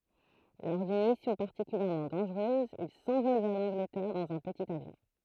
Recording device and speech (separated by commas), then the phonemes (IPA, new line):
throat microphone, read sentence
lɔʁ dyn misjɔ̃ paʁtikyljɛʁmɑ̃ dɑ̃ʒʁøz il sɑ̃vɔl vɛʁ lɑ̃ɡlətɛʁ dɑ̃z œ̃ pətit avjɔ̃